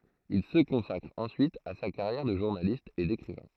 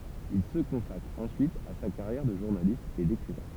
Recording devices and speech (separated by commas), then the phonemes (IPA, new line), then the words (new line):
throat microphone, temple vibration pickup, read sentence
il sə kɔ̃sakʁ ɑ̃syit a sa kaʁjɛʁ də ʒuʁnalist e dekʁivɛ̃
Il se consacre ensuite à sa carrière de journaliste et d'écrivain.